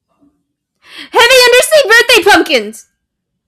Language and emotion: English, sad